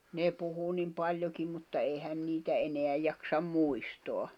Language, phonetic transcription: Finnish, ne 'puhu nim 'paĺjokim mutta 'èhän 'niitä 'eneä jaksam "muistoa .
- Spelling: ne puhui niin paljonkin mutta eihän niitä enää jaksa muistaa

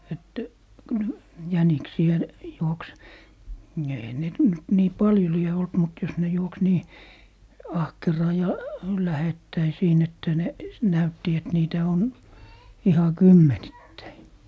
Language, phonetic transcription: Finnish, et , kyl , 'jäniksi₍ä , 'juoks , 'eihän net nyt 'nii "paljo 'lie olt mut jos ne 'juoks 'nii , "ahkeraa ja , "lähettäi siin ‿että ne , 'näytti et 'niitä on , 'iha "kymmenittäi .
- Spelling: että kyllä jäniksiä juoksi eihän niitä nyt niin paljon lie ollut mutta jos ne juoksi niin ahkeraan ja lähettäin siinä että ne näytti että niitä on ihan kymmenittäin

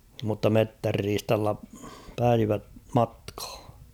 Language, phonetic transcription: Finnish, mutta "mettärriistalla päivä 'matkh̬ᴀ .
- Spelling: mutta metsänriistalla päivä matkaan

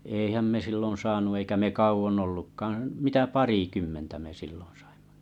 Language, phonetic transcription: Finnish, 'èihäm me 'sillon 'saanu eikä me 'kau₍on'ⁿ ollukkaaᵃ̰ , mitä "parikymmentä me 'sillᴏɴ sᴀɪᴍᴍᴀ .
- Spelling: eihän me silloin saanut eikä me kauan ollutkaan mitä parikymmentä me silloin saimme

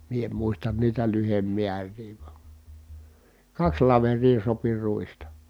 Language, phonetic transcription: Finnish, mie em muistan niitä lyhemmiär̀ii vA , kaks laver̀ii sopi ruista .
- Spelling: minä en muista niitä lyhdemääriä vaan kaksi laveria sopi ruista

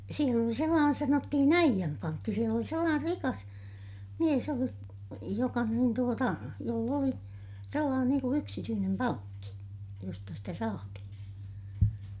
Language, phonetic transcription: Finnish, siel ‿oli sellaanen sanottihin ‿äijämpaŋkki - siel ‿oli sellaan(er) rikas , mies oli , joka niin tuota , joll ‿oli , sellaanen niiŋ ku yksityynem paŋkki , josta sitä saatihiḭ .
- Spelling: siellä oli sellainen sanottiin äijänpankki siellä oli sellainen rikas mies oli joka niin tuota jolla oli sellainen niin kuin yksityinen pankki josta sitä saatiin

